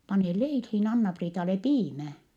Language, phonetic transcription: Finnish, pane leilhiin Anna-Priitale piimä .
- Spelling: pane leiliin Anna-Priitalle piimä

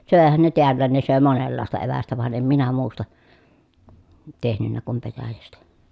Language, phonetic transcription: Finnish, sö̀ehän ne teällään ne sö̀e monellàesta evästä van em minä muusta , tehnynnä kum petäjästä .
- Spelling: söihän ne täälläkin ne söi monenlaista evästä vaan en minä muusta tehnyt kuin petäjästä

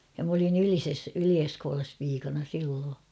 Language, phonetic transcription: Finnish, ja m ‿olin ‿"Ylises , 'Yli₍Eskoolas piikana 'silloo .
- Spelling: ja minä olin Ylisessä Yli-Eskolassa piikana silloin

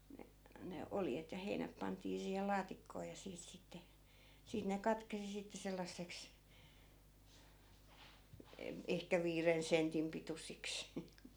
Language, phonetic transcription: Finnish, ne , ne 'oljet ja 'heinäp pant̀ii siihel 'laatikkoo ja 'siit sitte , 'siit ne 'katkesi sitte 'sellasseks , e- , ehkä 'viiren "sentim pitusiks .
- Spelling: ne ne oljet ja heinät pantiin siihen laatikkoon ja siitä sitten siitä ne katkesi sitten sellaiseksi - ehkä viiden sentin pituisiksi

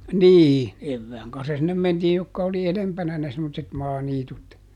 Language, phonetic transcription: Finnish, ˈnii , ˈevvääŋ kanssa sinnem ˈmentiij ˈjokka oli "elempänä ne semmotset ˈmaaniitut .
- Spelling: niin evään kanssa sinne mentiin jotka oli edempänä ne semmoiset maaniityt

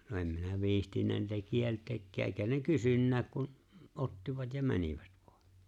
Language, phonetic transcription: Finnish, no 'em 'minä "viihtinnä niitä "kielteekkää ’eekä ne 'kysynnääk kun , "’ottivat ja 'mänivät vᴏᴀ .
- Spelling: no en minä viitsinyt niitä kieltääkään eikä ne kysynytkään kun ottivat ja menivät vain

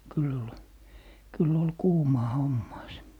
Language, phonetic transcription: Finnish, 'kyl ‿ol , 'kyll ‿ol , "kuumaa 'hommaa se .
- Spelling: kyllä oli kyllä oli kuumaa hommaa se

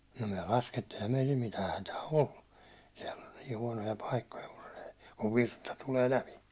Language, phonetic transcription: Finnish, no myä 'laskettii eⁱhäm meitil 'mitää 'hätää "ollu , siɛll ‿oĺ 'nii 'huånoja 'paikkoja , kun se , kuv "virta tulee 'läpi .
- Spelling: no me laskettiin eihän meillä mitään hätää ollut siellä oli niin huonoja paikkoja kun se kun virta tulee läpi

